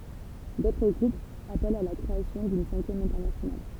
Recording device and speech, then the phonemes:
temple vibration pickup, read sentence
dotʁ ɡʁupz apɛlt a la kʁeasjɔ̃ dyn sɛ̃kjɛm ɛ̃tɛʁnasjonal

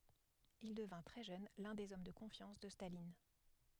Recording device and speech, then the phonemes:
headset microphone, read sentence
il dəvɛ̃ tʁɛ ʒøn lœ̃ dez ɔm də kɔ̃fjɑ̃s də stalin

